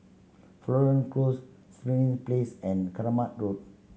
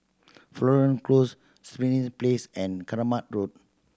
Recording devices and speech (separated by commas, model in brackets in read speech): mobile phone (Samsung C7100), standing microphone (AKG C214), read sentence